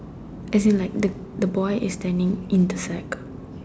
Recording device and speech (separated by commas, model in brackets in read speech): standing microphone, conversation in separate rooms